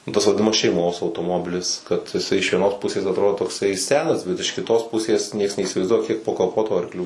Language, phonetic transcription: Lithuanian, nu ˈtas vadiˈnamas šeiˈmos autoˈmobilis kad iˈsai iš vieˈnos ˈpusės atˈrodo tokˈsai ˈsenas ˈbet iš kiˈtos ˈpusės ˈnieks neįsivaizˈduoja kiek po kaˈpotu arkˈlių

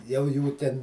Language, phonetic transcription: Lithuanian, jau ˈjų ten

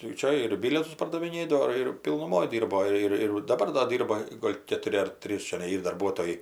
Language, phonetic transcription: Lithuanian, tai ˈčia ir ˈbilietus pardaviˈnėdavo ir pilnuˈmoj ˈdyrbo ˈir ir daˈbar do ˈdyrba ˈgol' ketuˈri ar ˈtrys čiaˈnai ˈyr darˈbuotojai

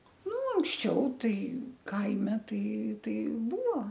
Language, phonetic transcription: Lithuanian, ˈnu anksˈčiau ˈtai ˈkaime tai ˈtai ˈbūvo

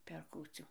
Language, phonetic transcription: Lithuanian, per ˈkūcių

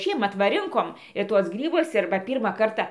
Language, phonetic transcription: Lithuanian, ˈšiemat va ˈrinkom ir ˈtuos ˈgrybus ˈir ba ˈpyrmą ˈkarta

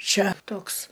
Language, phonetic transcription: Lithuanian, ˈčia ˈtoks

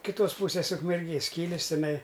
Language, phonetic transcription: Lithuanian, kiˈtos ˈpūsės ukmerˈgės ˈkylės tiˈnai

